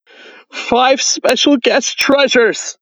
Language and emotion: English, sad